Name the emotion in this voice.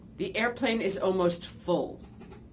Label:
disgusted